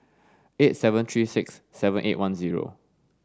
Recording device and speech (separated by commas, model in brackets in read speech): standing microphone (AKG C214), read sentence